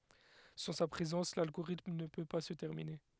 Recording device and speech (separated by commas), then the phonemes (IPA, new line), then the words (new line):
headset microphone, read sentence
sɑ̃ sa pʁezɑ̃s lalɡoʁitm nə pø pa sə tɛʁmine
Sans sa présence, l'algorithme ne peut pas se terminer.